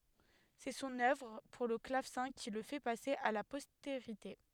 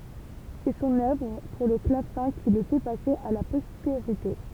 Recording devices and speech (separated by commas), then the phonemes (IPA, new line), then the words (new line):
headset microphone, temple vibration pickup, read sentence
sɛ sɔ̃n œvʁ puʁ lə klavsɛ̃ ki lə fɛ pase a la pɔsteʁite
C'est son œuvre pour le clavecin qui le fait passer à la postérité.